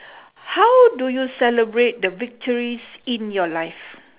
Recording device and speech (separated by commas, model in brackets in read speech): telephone, conversation in separate rooms